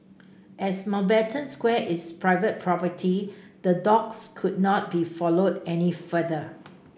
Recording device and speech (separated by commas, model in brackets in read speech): boundary microphone (BM630), read sentence